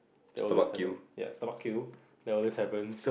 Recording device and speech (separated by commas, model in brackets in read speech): boundary microphone, conversation in the same room